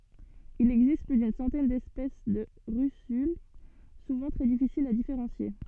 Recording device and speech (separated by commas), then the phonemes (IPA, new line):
soft in-ear microphone, read sentence
il ɛɡzist ply dyn sɑ̃tɛn dɛspɛs də ʁysyl suvɑ̃ tʁɛ difisilz a difeʁɑ̃sje